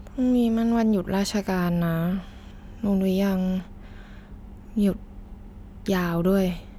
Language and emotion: Thai, frustrated